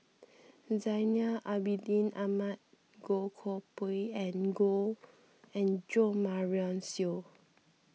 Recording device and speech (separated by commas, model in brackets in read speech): mobile phone (iPhone 6), read sentence